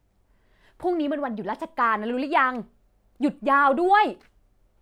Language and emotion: Thai, happy